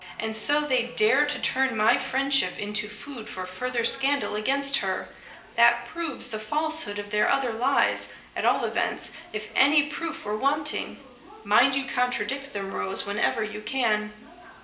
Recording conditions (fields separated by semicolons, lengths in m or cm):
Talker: one person; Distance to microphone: 1.8 m; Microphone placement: close; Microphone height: 1.0 m; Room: large; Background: television